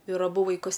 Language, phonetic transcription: Lithuanian, ir aˈbu vaiˈkus

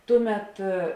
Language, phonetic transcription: Lithuanian, ˈtuˌmet

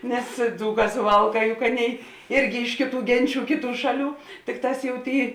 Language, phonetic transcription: Lithuanian, nes ˈdzūˌkā suˈvalˌkā juk ˈaˌnėi ˈirgi ˈiš kėˌtų ˈgenˌčių ˈkėˌtų ˈšaˌlių ˈtikˌtās jau ˈtėi

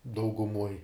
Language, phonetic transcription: Lithuanian, dauguˈmuoj

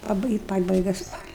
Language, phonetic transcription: Lithuanian, paˈbɨi pabaiˈga ˈspalia

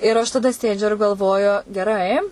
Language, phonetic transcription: Lithuanian, ir aš taˈda ˈsėdžiu ir galˈvoju geˈrai

